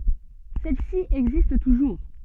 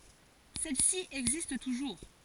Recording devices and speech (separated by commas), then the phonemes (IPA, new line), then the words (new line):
soft in-ear microphone, forehead accelerometer, read sentence
sɛl si ɛɡzist tuʒuʁ
Celle-ci existe toujours.